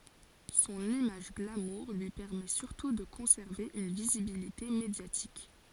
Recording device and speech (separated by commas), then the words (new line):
forehead accelerometer, read sentence
Son image glamour lui permet surtout de conserver une visibilité médiatique.